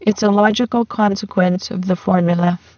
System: VC, spectral filtering